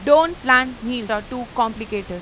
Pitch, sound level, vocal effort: 240 Hz, 95 dB SPL, very loud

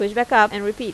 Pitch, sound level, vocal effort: 210 Hz, 88 dB SPL, normal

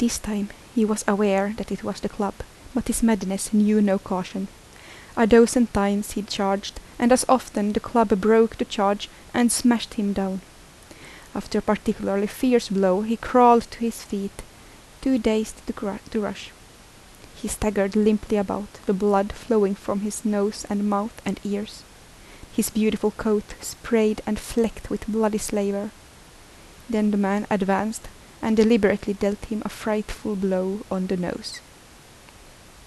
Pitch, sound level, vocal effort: 210 Hz, 77 dB SPL, soft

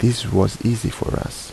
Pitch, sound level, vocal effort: 115 Hz, 76 dB SPL, soft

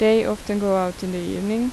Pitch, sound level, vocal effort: 205 Hz, 85 dB SPL, normal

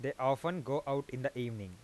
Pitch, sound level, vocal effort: 135 Hz, 89 dB SPL, normal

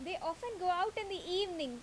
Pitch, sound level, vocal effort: 360 Hz, 88 dB SPL, loud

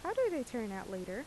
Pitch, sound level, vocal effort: 240 Hz, 84 dB SPL, normal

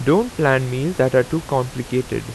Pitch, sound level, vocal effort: 130 Hz, 86 dB SPL, normal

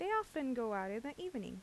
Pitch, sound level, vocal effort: 270 Hz, 84 dB SPL, normal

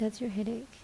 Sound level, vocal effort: 74 dB SPL, soft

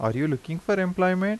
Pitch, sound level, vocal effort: 185 Hz, 85 dB SPL, normal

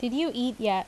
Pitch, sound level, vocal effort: 245 Hz, 84 dB SPL, normal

